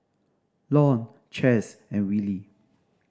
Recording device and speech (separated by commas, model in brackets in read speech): standing microphone (AKG C214), read sentence